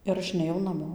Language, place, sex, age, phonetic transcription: Lithuanian, Dzūkija, female, 18-60, ir ˈaš neˈjau naˈmo

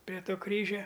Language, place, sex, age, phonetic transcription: Lithuanian, Aukštaitija, male, 60+, pre ˈto ˈkryžia

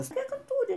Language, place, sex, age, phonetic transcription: Lithuanian, Aukštaitija, female, 60+, ˈvis ˈtiek ˈką ˈtūri

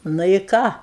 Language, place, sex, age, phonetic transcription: Lithuanian, Aukštaitija, female, 60+, ˈnu i ˈką

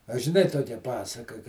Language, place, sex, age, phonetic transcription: Lithuanian, Žemaitija, male, 60+, a žiˈnai ˈtokia ˈpasaka ka

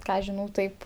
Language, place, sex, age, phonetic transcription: Lithuanian, Aukštaitija, female, 18-60, ˈką aš ˈžinau ˈtaip

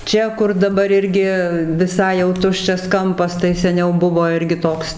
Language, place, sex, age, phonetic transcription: Lithuanian, Dzūkija, female, 60+, ˈčia kur daˈbar ˈirgi viˈsai jau ˈtuščias ˈkampas tai seˈniau ˈbuvo ˈirgi ˈtoks

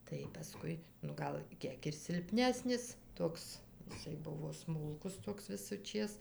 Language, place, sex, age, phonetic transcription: Lithuanian, Dzūkija, female, 60+, tai paˈskui nu ˈgal ˈkiek ir silˈpnesnis ˈtoks iˈsai ˈbuvo ˈsmulkus ˈtoks visuˈčės

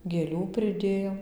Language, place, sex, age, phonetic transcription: Lithuanian, Dzūkija, female, 18-60, gėˈlių priˈdėjom

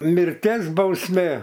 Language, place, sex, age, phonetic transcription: Lithuanian, Aukštaitija, male, 60+, mirˈties bausˈmė

